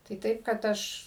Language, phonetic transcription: Lithuanian, tai ˈtaip kad ˈaš

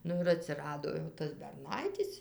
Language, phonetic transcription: Lithuanian, ˈnu ir atsiˈrado jau ˈtas berˈnaitis

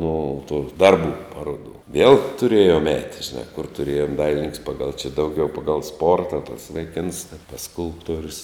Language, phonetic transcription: Lithuanian, no tų ˈdarˌbų ˈparodų viel tuˈrėjom ˈēt žiˈnā kur tuˈrėjom ˈdailininks ˈpagal či ˈdauˌgiau ˈpagal ˈsporta tas vaiˈkins a tas ˈskulptuorius

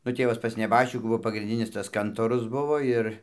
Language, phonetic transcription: Lithuanian, nu ˈtėvas pas neˈbaščikų ˈbuo pagrinˈdinis tas ˈkantorus ˈbuvo ir

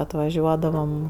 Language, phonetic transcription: Lithuanian, atvaˈžiuodavam

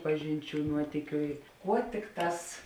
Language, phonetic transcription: Lithuanian, ˈpažinˌčių ˈnuotykiu i ˈkuo ˈtikˌtās

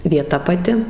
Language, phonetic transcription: Lithuanian, vieˈta paˈti

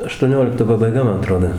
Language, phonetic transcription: Lithuanian, aštuoˈniolikto pabaiˈga ˈman aˈtrodo

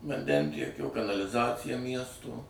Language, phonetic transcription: Lithuanian, vanˈdentiekio kanaliˈzacija ˈmiesto

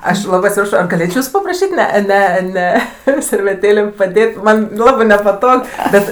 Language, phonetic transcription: Lithuanian, ˈaš ˈlabɜ atsiˈprašo ar gaˈlėčio ˈjūsu papraˈšyt' ˈne ˈne ˈne serveˈtėlėm paˈdėt' ˈman' ˈlabɜ nepaˈtog ˈbet

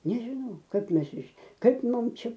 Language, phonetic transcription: Lithuanian, nežiˈnau ˈkap ˈmes iš ˈkaip ˈmum ˈčia

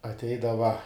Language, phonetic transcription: Lithuanian, atˈeidava

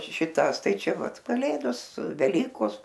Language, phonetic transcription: Lithuanian, šiˈtąs ˈtai ˈčia ˈvat kaˈlėdos su veˈlykos

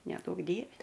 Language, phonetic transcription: Lithuanian, neˈduok ˈdieve

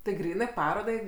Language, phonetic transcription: Lithuanian, ti ˈgrynɜ ˈparodai

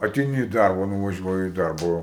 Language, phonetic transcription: Lithuanian, ateiˈni i ˈdarba nuvaˈžiuoji i ˈdarba ˈo

